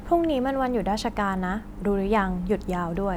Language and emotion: Thai, neutral